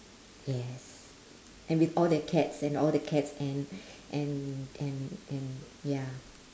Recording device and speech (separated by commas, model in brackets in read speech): standing microphone, conversation in separate rooms